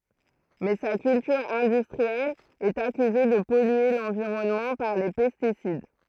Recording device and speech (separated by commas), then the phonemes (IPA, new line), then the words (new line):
throat microphone, read sentence
mɛ sa kyltyʁ ɛ̃dystʁiɛl ɛt akyze də pɔlye lɑ̃viʁɔnmɑ̃ paʁ le pɛstisid
Mais sa culture industrielle est accusée de polluer l'environnement par les pesticides.